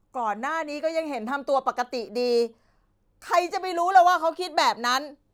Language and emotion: Thai, frustrated